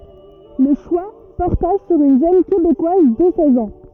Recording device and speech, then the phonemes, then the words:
rigid in-ear microphone, read sentence
lə ʃwa pɔʁta syʁ yn ʒøn kebekwaz də sɛz ɑ̃
Le choix porta sur une jeune Québécoise de seize ans.

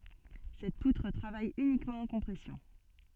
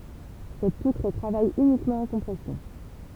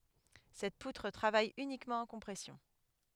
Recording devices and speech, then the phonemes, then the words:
soft in-ear microphone, temple vibration pickup, headset microphone, read sentence
sɛt putʁ tʁavaj ynikmɑ̃ ɑ̃ kɔ̃pʁɛsjɔ̃
Cette poutre travaille uniquement en compression.

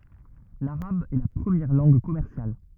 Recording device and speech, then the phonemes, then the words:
rigid in-ear microphone, read sentence
laʁab ɛ la pʁəmjɛʁ lɑ̃ɡ kɔmɛʁsjal
L'arabe est la première langue commerciale.

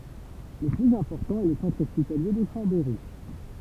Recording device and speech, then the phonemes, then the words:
temple vibration pickup, read sentence
lə plyz ɛ̃pɔʁtɑ̃ ɛ lə sɑ̃tʁ ɔspitalje də ʃɑ̃bɛʁi
Le plus important est le centre hospitalier de Chambéry.

